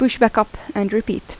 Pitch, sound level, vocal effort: 220 Hz, 80 dB SPL, normal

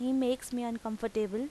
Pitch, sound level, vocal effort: 235 Hz, 86 dB SPL, loud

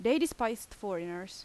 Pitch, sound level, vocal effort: 225 Hz, 87 dB SPL, loud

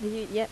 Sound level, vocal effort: 82 dB SPL, normal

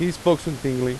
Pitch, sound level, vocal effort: 160 Hz, 89 dB SPL, loud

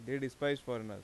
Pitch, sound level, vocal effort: 130 Hz, 87 dB SPL, normal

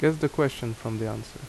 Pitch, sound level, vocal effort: 130 Hz, 77 dB SPL, normal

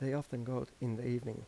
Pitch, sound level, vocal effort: 125 Hz, 83 dB SPL, soft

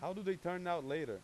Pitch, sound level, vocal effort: 180 Hz, 95 dB SPL, loud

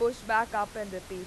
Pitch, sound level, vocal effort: 215 Hz, 95 dB SPL, very loud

